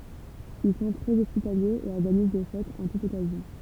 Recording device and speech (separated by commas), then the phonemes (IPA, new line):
temple vibration pickup, read sentence
il sɔ̃ tʁɛz ɔspitaljez e ɔʁɡaniz de fɛtz ɑ̃ tut ɔkazjɔ̃